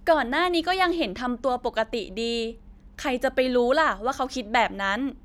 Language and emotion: Thai, neutral